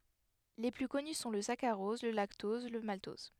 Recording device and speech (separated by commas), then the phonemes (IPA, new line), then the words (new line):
headset microphone, read sentence
le ply kɔny sɔ̃ lə sakaʁɔz lə laktɔz lə maltɔz
Les plus connus sont le saccharose, le lactose, le maltose.